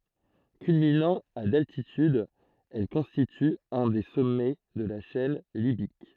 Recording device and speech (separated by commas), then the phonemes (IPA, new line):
throat microphone, read sentence
kylminɑ̃ a daltityd ɛl kɔ̃stity œ̃ de sɔmɛ də la ʃɛn libik